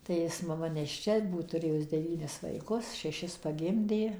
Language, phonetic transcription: Lithuanian, tai ˈjis maˈma nešˈčia ˈbūt tuˈrėjus deˈvynis vaiˈkus šeˈšis paˈgimdė

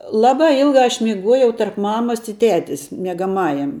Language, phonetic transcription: Lithuanian, ˈlabā ˈilgā aš miˈguojau tarp ˈmamas i ˈtetis miegaˈmajam

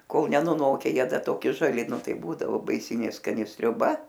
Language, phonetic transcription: Lithuanian, ˈkol nenuˈnoke ˈjie ˈda toˈki žaˈli ˈnu ˈtai ˈbūdavo baiˈsinė skaˈni sriuˈba

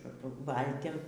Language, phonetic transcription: Lithuanian, ˈvaltim

